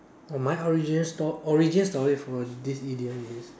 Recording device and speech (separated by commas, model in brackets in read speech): standing microphone, conversation in separate rooms